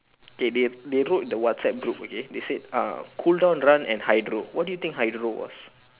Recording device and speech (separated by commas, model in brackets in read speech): telephone, conversation in separate rooms